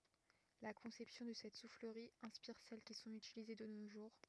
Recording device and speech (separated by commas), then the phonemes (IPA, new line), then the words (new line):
rigid in-ear microphone, read sentence
la kɔ̃sɛpsjɔ̃ də sɛt sufləʁi ɛ̃spiʁ sɛl ki sɔ̃t ytilize də no ʒuʁ
La conception de cette soufflerie inspire celles qui sont utilisées de nos jours.